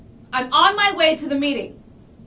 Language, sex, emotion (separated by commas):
English, female, angry